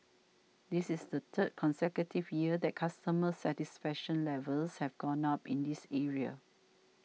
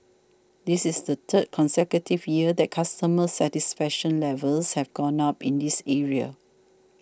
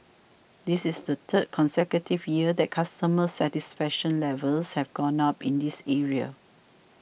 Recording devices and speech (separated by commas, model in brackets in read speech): mobile phone (iPhone 6), standing microphone (AKG C214), boundary microphone (BM630), read sentence